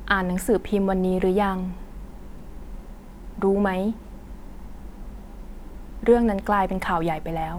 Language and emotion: Thai, neutral